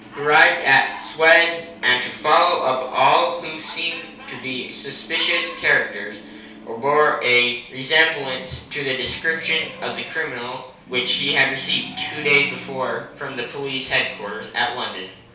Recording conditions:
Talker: one person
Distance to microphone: 3.0 m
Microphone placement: far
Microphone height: 1.8 m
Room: small (3.7 m by 2.7 m)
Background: television

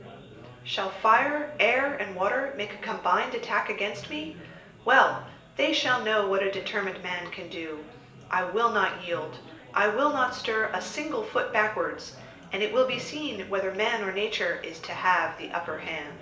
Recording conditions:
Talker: one person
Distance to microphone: 1.8 m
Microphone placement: close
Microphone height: 1.0 m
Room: large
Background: babble

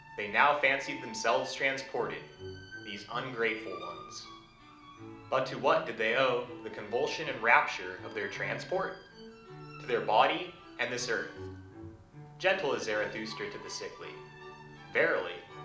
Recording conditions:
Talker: one person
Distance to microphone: 2.0 m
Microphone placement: close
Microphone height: 99 cm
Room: medium-sized (5.7 m by 4.0 m)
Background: music

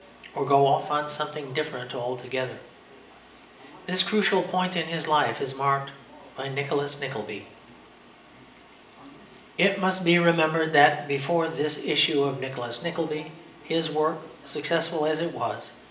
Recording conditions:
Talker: one person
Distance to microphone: 1.8 m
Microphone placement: close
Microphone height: 1.0 m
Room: large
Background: television

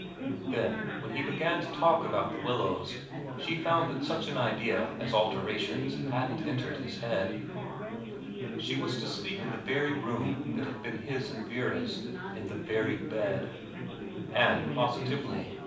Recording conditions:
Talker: one person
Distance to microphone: 5.8 m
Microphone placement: far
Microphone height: 1.8 m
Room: medium-sized (5.7 m by 4.0 m)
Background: babble

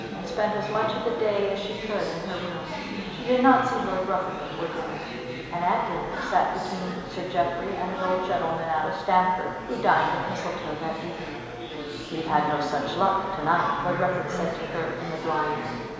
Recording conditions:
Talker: one person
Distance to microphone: 1.7 m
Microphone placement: close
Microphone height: 1.0 m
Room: very reverberant, large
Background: babble

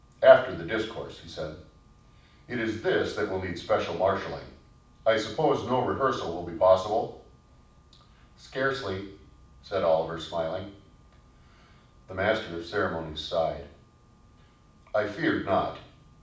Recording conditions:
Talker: one person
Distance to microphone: 5.8 m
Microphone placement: far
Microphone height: 1.8 m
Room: medium-sized (5.7 m by 4.0 m)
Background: none

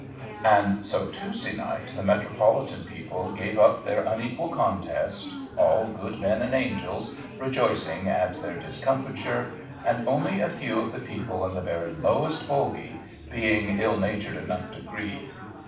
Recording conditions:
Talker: one person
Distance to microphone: 5.8 m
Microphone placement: far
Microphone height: 1.8 m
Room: medium-sized (5.7 m by 4.0 m)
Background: babble

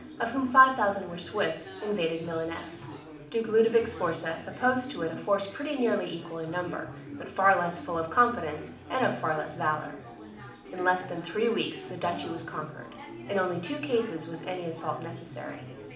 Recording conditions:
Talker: one person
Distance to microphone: 2.0 m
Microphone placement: close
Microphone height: 99 cm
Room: medium-sized (5.7 m by 4.0 m)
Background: babble

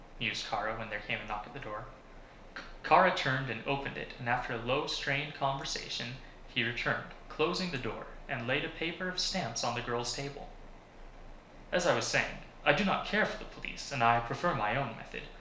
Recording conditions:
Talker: one person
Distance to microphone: 1.0 m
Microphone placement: close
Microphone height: 1.1 m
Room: small (3.7 m by 2.7 m)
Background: none

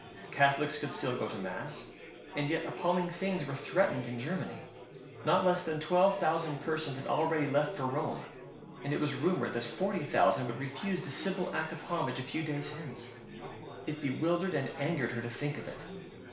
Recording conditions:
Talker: one person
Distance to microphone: 1.0 m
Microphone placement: close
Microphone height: 1.1 m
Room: small (3.7 m by 2.7 m)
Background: babble

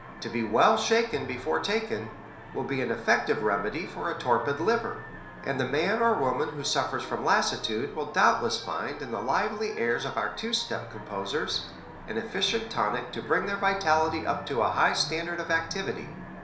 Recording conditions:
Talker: one person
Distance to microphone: 1.0 m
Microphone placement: close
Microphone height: 1.1 m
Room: small (3.7 m by 2.7 m)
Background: television

